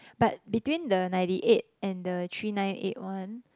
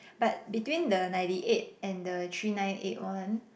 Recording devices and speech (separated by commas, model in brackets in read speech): close-talking microphone, boundary microphone, conversation in the same room